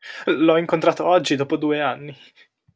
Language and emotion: Italian, fearful